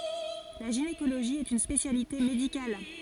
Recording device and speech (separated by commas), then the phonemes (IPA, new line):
forehead accelerometer, read sentence
la ʒinekoloʒi ɛt yn spesjalite medikal